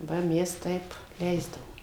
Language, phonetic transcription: Lithuanian, ˈva ˈmes ˈtaip ˈleisdavom

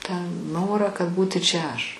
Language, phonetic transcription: Lithuanian, tą ˈnorą kad ˈbūti čia ˈaš

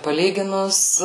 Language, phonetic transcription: Lithuanian, paˈlyginus

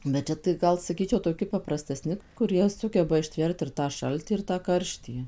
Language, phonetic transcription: Lithuanian, bet ˈčia tai ˈgal saˈkyčiau toˈki paprasteˈsni kuˈrie ˈsugeba išˈtvert ir tą ˈšalti ir tą ˈkarštį

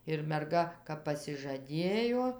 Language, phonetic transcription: Lithuanian, ir merˈga kap pasižaˈdėjo

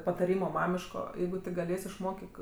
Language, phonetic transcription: Lithuanian, pataˈrymo ˈmamiško ˈjeigu tik gaˈlės' išˈmokik

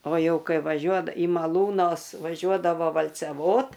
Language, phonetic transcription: Lithuanian, o ˈjau ˈkai vaˈžiuod į maˈlūnos vaˈžiuodavo valceˈvot

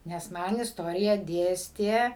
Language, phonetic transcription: Lithuanian, nes ˈman isˈtoriją ˈdėstė

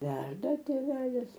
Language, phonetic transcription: Lithuanian, ˈverda tėˈvelis

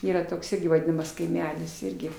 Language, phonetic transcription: Lithuanian, ˈyra ˈtoks ˈirgi vaˈdinamas kaiˈmelis ˈirgi

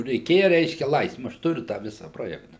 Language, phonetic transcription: Lithuanian, reiˈkėja ˈreiškia ˈlaistimui ˈaš ˈturiu tą ˈvisa ˈprojekta

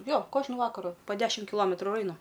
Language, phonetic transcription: Lithuanian, ˈjo ˈkožnu ˈvakaru po ˈdešim kiˈlometru ir ˈainu

